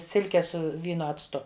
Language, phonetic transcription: Lithuanian, ˈsilke ˈsu ˈvyno acˈtu

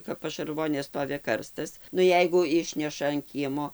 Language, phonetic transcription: Lithuanian, kap pašarˈvonė ˈstovi ˈkarstas nu ˈjeigu ˈišneša an ˈkiemo

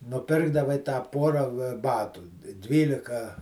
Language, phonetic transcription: Lithuanian, nuˈpirkdavai tą ˈpora ˈbatų ˈdvylika

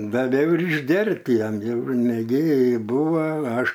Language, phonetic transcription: Lithuanian, daˈviau ir išˈgerti ˈjiem ˈjau neˈgėri ˈbūva ˈaš

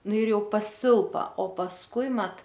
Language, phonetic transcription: Lithuanian, ˈnu ir ˈjau paˈsilpa o pasˈkui ˈmat

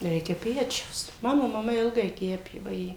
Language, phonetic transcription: Lithuanian, ˈreikia ˈpečiaus ˈmano maˈma ˈilgai ˈkepė vaˈjė

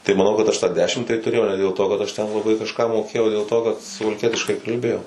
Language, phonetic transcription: Lithuanian, tai maˈnau kad aš tą ˈdešim tai tuˈrėjau ne dėl to kad aš ten laˈbai kažˈką moˈkėjau o dėl ˈto kad suvalˈkietiškai kalˈbėjau

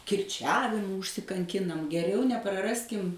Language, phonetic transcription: Lithuanian, kirˈčiavimu užsikanˈkinam geˈriau nepraˈraskim

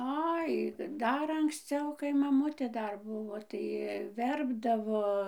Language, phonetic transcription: Lithuanian, ˈai ˈdar anksˈciau kai maˈmutė ˈdar ˈbuvo tai ˈverpdavo

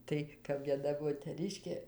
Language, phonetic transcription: Lithuanian, ˈtai kap vieˈna moteˈriškė

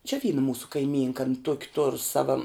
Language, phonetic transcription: Lithuanian, čia ˈvyna ˈmūsu kaiˈmynka an ˈtuoki tor ˈsava

